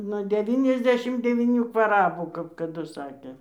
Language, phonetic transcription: Lithuanian, nuo deˈvyniasˌdešim devyˈnių kvaˈrabų kap kaˈdu ˈsakė

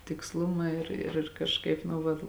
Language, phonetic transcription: Lithuanian, tiksˈluma ir ir kažˈkaip nu ˈvat

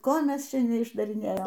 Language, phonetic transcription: Lithuanian, ˈko ˈmes ˈčia neišdariˈnėjom

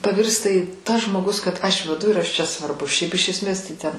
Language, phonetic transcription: Lithuanian, paˈvirsta i tas žmoˈgus kad aš veˈdu ir ˈaš ˈčia svarˈbus šiaip iš esˈmės tai ˈten

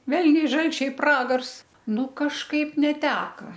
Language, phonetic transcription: Lithuanian, ˈvelniai ˈžalčiai ˈpragars ˈnu kažˈkaip neˈteka

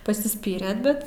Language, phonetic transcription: Lithuanian, pasiˈspyrėt ˈbet

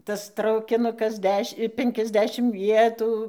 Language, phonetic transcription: Lithuanian, ˈtas traukiˈnukas ˈdeš' ˈpenkiasˌdešim ˈvietų

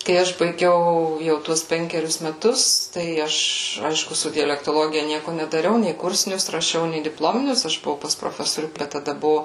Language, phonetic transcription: Lithuanian, kai ˈaš baiˈgiau jau ˈtuos ˈpenkerius meˈtus tai ˈaš ˈaišku ˈsu dialektoˈlogija ˈnieku nedaˈriau nei ˈkursinius raˈšiau nei dipˈlominius ˈaš buˈvau pas proˈfesorių ˈbet taˈda ˈbuvo

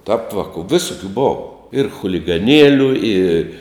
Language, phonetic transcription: Lithuanian, ˈtarp ˈvaku ˈvisukiu ˈbova ir chuligaˈnieliu i

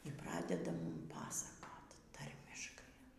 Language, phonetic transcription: Lithuanian, y ˈpradeda ˈmum ˈpasakot ˈtarmiškai

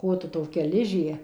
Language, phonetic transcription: Lithuanian, ˈkotu toˈkia ˈližė

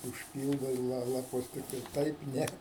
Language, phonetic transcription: Lithuanian, užˈpyldai la laˈpus ˈtiktai ˈtaip ˈne

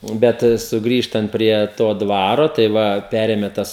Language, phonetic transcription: Lithuanian, ˈbet suˈgrįžtant prie ˈto ˈdvaro tai ˈva ˈperėme ˈtas

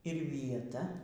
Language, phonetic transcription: Lithuanian, ir vieˈta

